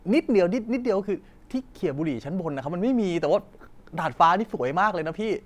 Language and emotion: Thai, frustrated